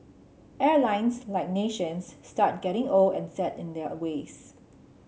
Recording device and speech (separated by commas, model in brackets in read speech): mobile phone (Samsung C7), read sentence